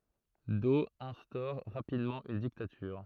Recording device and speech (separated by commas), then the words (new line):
throat microphone, read sentence
Doe instaure rapidement une dictature.